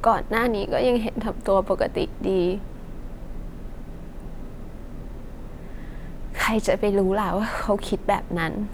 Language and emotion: Thai, sad